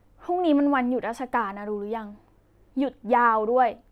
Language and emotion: Thai, frustrated